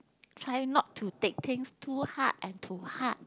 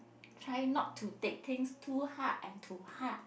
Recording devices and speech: close-talking microphone, boundary microphone, conversation in the same room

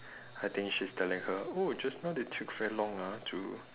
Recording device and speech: telephone, conversation in separate rooms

